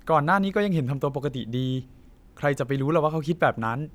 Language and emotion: Thai, neutral